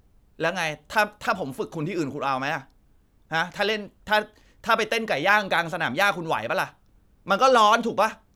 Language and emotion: Thai, angry